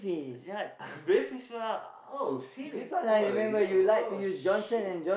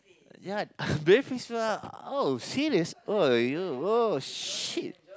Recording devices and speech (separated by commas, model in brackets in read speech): boundary microphone, close-talking microphone, conversation in the same room